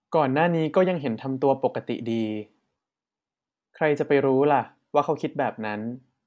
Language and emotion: Thai, neutral